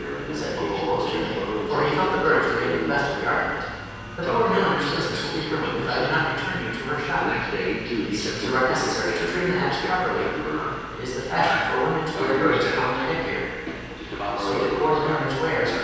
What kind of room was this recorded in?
A large, echoing room.